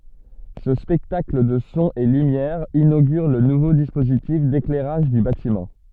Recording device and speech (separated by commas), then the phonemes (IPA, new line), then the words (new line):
soft in-ear microphone, read sentence
sə spɛktakl də sɔ̃z e lymjɛʁz inoɡyʁ lə nuvo dispozitif deklɛʁaʒ dy batimɑ̃
Ce spectacle de sons et lumières inaugure le nouveau dispositif d'éclairage du bâtiment.